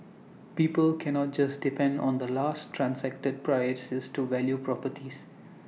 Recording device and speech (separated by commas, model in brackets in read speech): mobile phone (iPhone 6), read sentence